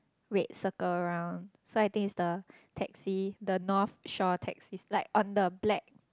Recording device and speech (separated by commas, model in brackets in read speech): close-talking microphone, conversation in the same room